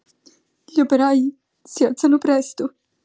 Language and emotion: Italian, sad